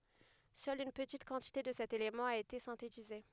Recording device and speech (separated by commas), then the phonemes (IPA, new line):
headset microphone, read sentence
sœl yn pətit kɑ̃tite də sɛt elemɑ̃ a ete sɛ̃tetize